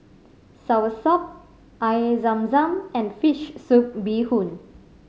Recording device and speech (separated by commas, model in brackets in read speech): mobile phone (Samsung C5010), read sentence